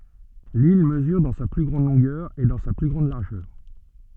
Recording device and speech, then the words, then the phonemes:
soft in-ear microphone, read sentence
L'île mesure dans sa plus grande longueur et dans sa plus grande largeur.
lil məzyʁ dɑ̃ sa ply ɡʁɑ̃d lɔ̃ɡœʁ e dɑ̃ sa ply ɡʁɑ̃d laʁʒœʁ

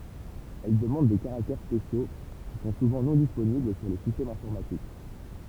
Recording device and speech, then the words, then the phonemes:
temple vibration pickup, read sentence
Elle demande des caractères spéciaux, qui sont souvent non disponibles sur les systèmes informatiques.
ɛl dəmɑ̃d de kaʁaktɛʁ spesjo ki sɔ̃ suvɑ̃ nɔ̃ disponibl syʁ le sistɛmz ɛ̃fɔʁmatik

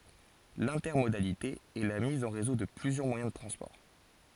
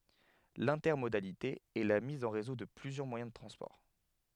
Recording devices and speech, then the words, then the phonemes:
forehead accelerometer, headset microphone, read sentence
L'intermodalité est la mise en réseau de plusieurs moyens de transport.
lɛ̃tɛʁmodalite ɛ la miz ɑ̃ ʁezo də plyzjœʁ mwajɛ̃ də tʁɑ̃spɔʁ

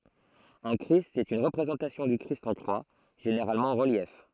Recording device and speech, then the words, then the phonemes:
throat microphone, read sentence
Un christ est une représentation du Christ en croix, généralement en relief.
œ̃ kʁist ɛt yn ʁəpʁezɑ̃tasjɔ̃ dy kʁist ɑ̃ kʁwa ʒeneʁalmɑ̃ ɑ̃ ʁəljɛf

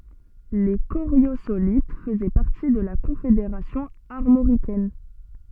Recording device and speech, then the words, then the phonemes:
soft in-ear microphone, read sentence
Les Coriosolites faisaient partie de la Confédération armoricaine.
le koʁjozolit fəzɛ paʁti də la kɔ̃fedeʁasjɔ̃ aʁmoʁikɛn

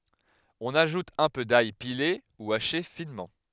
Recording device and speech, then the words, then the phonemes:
headset microphone, read sentence
On ajoute un peu d'ail pilé ou haché finement.
ɔ̃n aʒut œ̃ pø daj pile u aʃe finmɑ̃

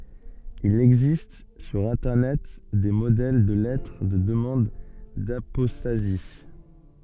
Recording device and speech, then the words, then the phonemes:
soft in-ear microphone, read sentence
Il existe sur internet, des modèles de lettres de demande d'apostasie.
il ɛɡzist syʁ ɛ̃tɛʁnɛt de modɛl də lɛtʁ də dəmɑ̃d dapɔstazi

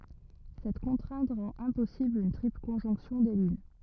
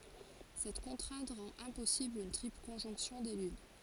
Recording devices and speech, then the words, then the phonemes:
rigid in-ear microphone, forehead accelerometer, read sentence
Cette contrainte rend impossible une triple conjonction des lunes.
sɛt kɔ̃tʁɛ̃t ʁɑ̃t ɛ̃pɔsibl yn tʁipl kɔ̃ʒɔ̃ksjɔ̃ de lyn

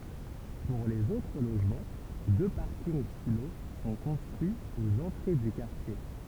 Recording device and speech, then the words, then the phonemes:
temple vibration pickup, read sentence
Pour les autres logements, deux parkings-silos sont construits aux entrées du quartier.
puʁ lez otʁ loʒmɑ̃ dø paʁkinɡ silo sɔ̃ kɔ̃stʁyiz oz ɑ̃tʁe dy kaʁtje

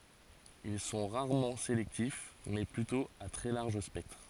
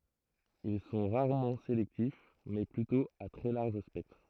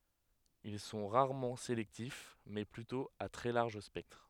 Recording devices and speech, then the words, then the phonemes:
forehead accelerometer, throat microphone, headset microphone, read sentence
Ils sont rarement sélectifs, mais plutôt à très large spectre.
il sɔ̃ ʁaʁmɑ̃ selɛktif mɛ plytɔ̃ a tʁɛ laʁʒ spɛktʁ

